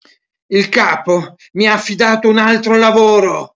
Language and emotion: Italian, angry